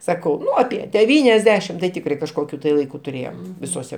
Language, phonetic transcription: Lithuanian, ˈsakau ˈnu aˈpie deˈvyniasˌdešim tai ˈtikrai kažˈkokiu tai laiˈku tuˈrėjom visoˈse

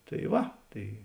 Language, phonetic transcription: Lithuanian, tai ˈva ˈtai

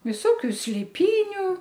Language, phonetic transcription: Lithuanian, viˈsokiu slėˈpyniu

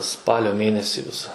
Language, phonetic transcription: Lithuanian, ˈspalio ˈmėnesį ˈvisa

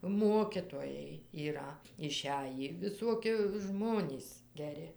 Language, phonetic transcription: Lithuanian, ˈmokitojai yˈra iˈšæjį viˈsuoki ˈžmonys geˈri

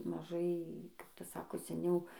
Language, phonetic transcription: Lithuanian, maˈžai kap ˈtas ˈsako seˈniau

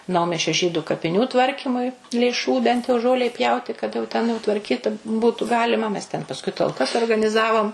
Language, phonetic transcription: Lithuanian, ˈnaumiesčio ˈžydu kapiˈnių ˈtvarkymui lėˈšų bent jau ˈžolei ˈpjauti kad jau ten jau tvarˈkyt ˈbūtu ˈgalima mes ten pasˈkui talˈkas organiˈzavom

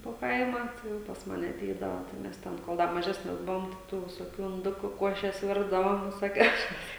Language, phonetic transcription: Lithuanian, po ˈkaimą jau pas ˈmane aˈteidava tai ˈmes ˈten kol ˈda maˈžesnes ˈbuvom te ˈtų visoˈkių inˈdukų ˈkuošes ˈvirdavom visoˈkiausias

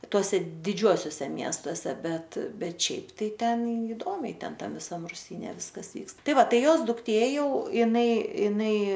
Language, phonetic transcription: Lithuanian, ˈtuose diˈdžiuosiose ˈmiestose ˈbet ˈbet ˈšiaip tai ˈten įˈdomiai ˈten ˈtam viˈsam ruˈsyne ˈviskas ˈvykst ˈtai ˈva ˈtai ˈjos dukˈtė ˈjau iˈnai iˈnai

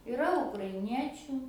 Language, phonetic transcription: Lithuanian, iˈra ukraiˈniečiu

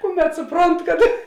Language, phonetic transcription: Lithuanian, ˈkuˌmet suˈpront kad

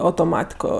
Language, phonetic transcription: Lithuanian, autoˈmatiko

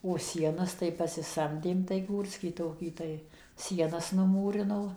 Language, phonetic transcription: Lithuanian, o ˈsienas tai pasiˈsamdėm tai ˈgūrskį ˈtokį ˈtai ˈsienas nuˈmūrino

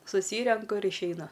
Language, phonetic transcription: Lithuanian, suˈsyrenku ir išeiˈnu

